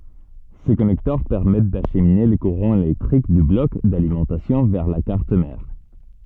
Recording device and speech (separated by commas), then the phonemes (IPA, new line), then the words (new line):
soft in-ear microphone, read sentence
se kɔnɛktœʁ pɛʁmɛt daʃmine lə kuʁɑ̃ elɛktʁik dy blɔk dalimɑ̃tasjɔ̃ vɛʁ la kaʁt mɛʁ
Ces connecteurs permettent d'acheminer le courant électrique du bloc d'alimentation vers la carte mère.